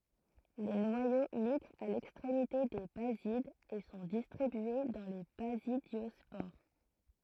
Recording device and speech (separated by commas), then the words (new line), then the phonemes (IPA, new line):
throat microphone, read sentence
Les noyaux migrent à l’extrémité des basides et sont distribués dans les basidiospores.
le nwajo miɡʁt a lɛkstʁemite de bazidz e sɔ̃ distʁibye dɑ̃ le bazidjɔspoʁ